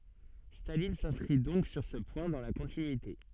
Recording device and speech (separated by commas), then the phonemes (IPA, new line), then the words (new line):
soft in-ear microphone, read sentence
stalin sɛ̃skʁi dɔ̃k syʁ sə pwɛ̃ dɑ̃ la kɔ̃tinyite
Staline s’inscrit donc sur ce point dans la continuité.